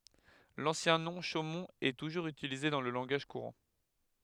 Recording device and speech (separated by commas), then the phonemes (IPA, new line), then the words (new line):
headset microphone, read sentence
lɑ̃sjɛ̃ nɔ̃ ʃomɔ̃t ɛ tuʒuʁz ytilize dɑ̃ lə lɑ̃ɡaʒ kuʁɑ̃
L'ancien nom, Chaumont, est toujours utilisé dans le langage courant.